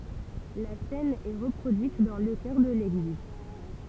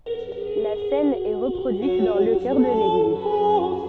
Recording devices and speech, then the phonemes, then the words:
temple vibration pickup, soft in-ear microphone, read sentence
la sɛn ɛ ʁəpʁodyit dɑ̃ lə kœʁ də leɡliz
La cène est reproduite dans le chœur de l'église.

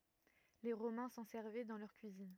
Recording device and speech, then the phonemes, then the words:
rigid in-ear microphone, read sentence
le ʁomɛ̃ sɑ̃ sɛʁvɛ dɑ̃ lœʁ kyizin
Les Romains s'en servaient dans leur cuisine.

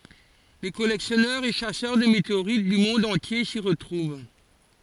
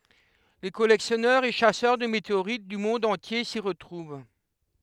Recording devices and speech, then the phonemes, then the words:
forehead accelerometer, headset microphone, read sentence
le kɔlɛksjɔnœʁz e ʃasœʁ də meteoʁit dy mɔ̃d ɑ̃tje si ʁətʁuv
Les collectionneurs et chasseurs de météorites du monde entier s’y retrouvent.

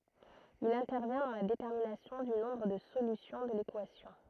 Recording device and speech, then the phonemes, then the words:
throat microphone, read sentence
il ɛ̃tɛʁvjɛ̃ dɑ̃ la detɛʁminasjɔ̃ dy nɔ̃bʁ də solysjɔ̃ də lekwasjɔ̃
Il intervient dans la détermination du nombre de solutions de l'équation.

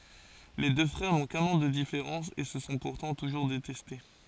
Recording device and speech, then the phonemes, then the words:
forehead accelerometer, read sentence
le dø fʁɛʁ nɔ̃ kœ̃n ɑ̃ də difeʁɑ̃s e sə sɔ̃ puʁtɑ̃ tuʒuʁ detɛste
Les deux frères n’ont qu’un an de différence et se sont pourtant toujours détestés.

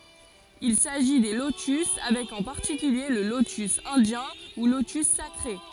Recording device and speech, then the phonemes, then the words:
forehead accelerometer, read sentence
il saʒi de lotys avɛk ɑ̃ paʁtikylje lə lotys ɛ̃djɛ̃ u lotys sakʁe
Il s'agit des lotus avec en particulier le lotus indien ou lotus sacré.

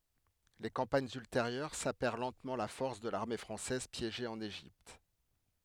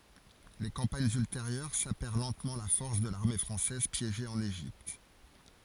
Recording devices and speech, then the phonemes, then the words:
headset microphone, forehead accelerometer, read sentence
le kɑ̃paɲz ylteʁjœʁ sapɛʁ lɑ̃tmɑ̃ la fɔʁs də laʁme fʁɑ̃sɛz pjeʒe ɑ̃n eʒipt
Les campagnes ultérieures sapèrent lentement la force de l’armée française piégée en Égypte.

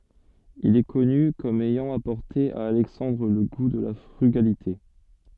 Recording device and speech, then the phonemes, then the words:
soft in-ear microphone, read sentence
il ɛ kɔny kɔm ɛjɑ̃ apɔʁte a alɛksɑ̃dʁ lə ɡu də la fʁyɡalite
Il est connu comme ayant apporté à Alexandre le goût de la frugalité.

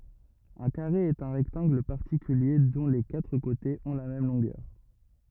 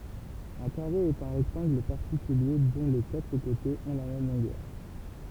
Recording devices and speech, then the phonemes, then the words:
rigid in-ear microphone, temple vibration pickup, read sentence
œ̃ kaʁe ɛt œ̃ ʁɛktɑ̃ɡl paʁtikylje dɔ̃ le katʁ kotez ɔ̃ la mɛm lɔ̃ɡœʁ
Un carré est un rectangle particulier dont les quatre côtés ont la même longueur.

